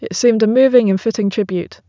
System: none